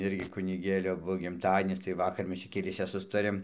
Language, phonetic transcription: Lithuanian, ˈirgi kuniˈgėlio ˈbuo gimˈtadienis tai ˈvakar ˈmes čia keˈliese ˈsustarėm

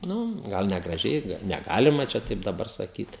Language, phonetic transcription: Lithuanian, ˈnu ˈgal negraˈžiai neˈgalima čia ˈtaip daˈbar saˈkyt

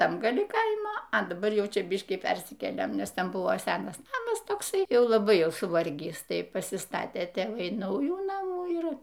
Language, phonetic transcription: Lithuanian, ˈtam gaˈli ˈkaimo a daˈbar ˈjau ˈčia ˈbiškį ˈpersikėlėm ˈnes ˈten ˈbuvo ˈsenas ˈnamas tokˈsai ˈjau laˈbai ˈjau suˈvargįs ˈtai pasiˈstatė tėˈvai ˈnaujų ˈnamų ˈir

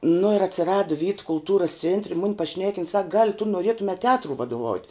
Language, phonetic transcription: Lithuanian, nu ir atsiˈradu vyt kulˈtūrus ˈcėntre mun' paˈšnekin sak gal' tu nuˈrėtume teˈatrui vaduˈvaut'

